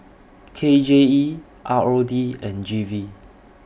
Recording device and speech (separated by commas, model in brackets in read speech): boundary microphone (BM630), read sentence